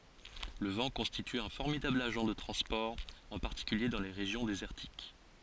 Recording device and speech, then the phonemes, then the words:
forehead accelerometer, read sentence
lə vɑ̃ kɔ̃stity œ̃ fɔʁmidabl aʒɑ̃ də tʁɑ̃spɔʁ ɑ̃ paʁtikylje dɑ̃ le ʁeʒjɔ̃ dezɛʁtik
Le vent constitue un formidable agent de transport, en particulier dans les régions désertiques.

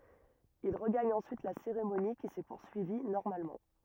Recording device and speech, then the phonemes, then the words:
rigid in-ear microphone, read sentence
il ʁəɡaɲ ɑ̃syit la seʁemoni ki sɛ puʁsyivi nɔʁmalmɑ̃
Il regagne ensuite la cérémonie, qui s'est poursuivie normalement.

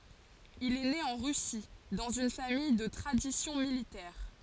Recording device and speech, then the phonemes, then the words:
forehead accelerometer, read sentence
il ɛ ne ɑ̃ ʁysi dɑ̃z yn famij də tʁadisjɔ̃ militɛʁ
Il est né en Russie, dans une famille de tradition militaire.

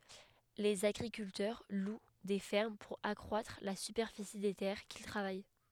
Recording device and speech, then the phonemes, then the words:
headset microphone, read sentence
lez aɡʁikyltœʁ lw de fɛʁm puʁ akʁwatʁ la sypɛʁfisi de tɛʁ kil tʁavaj
Les agriculteurs louent des fermes pour accroître la superficie des terres qu'ils travaillent.

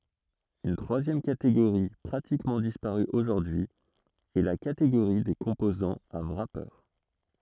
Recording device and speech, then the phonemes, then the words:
throat microphone, read sentence
yn tʁwazjɛm kateɡoʁi pʁatikmɑ̃ dispaʁy oʒuʁdyi ɛ la kateɡoʁi de kɔ̃pozɑ̃z a wʁape
Une troisième catégorie, pratiquement disparue aujourd'hui, est la catégorie des composants à wrapper.

